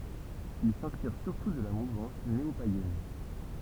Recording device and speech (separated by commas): temple vibration pickup, read sentence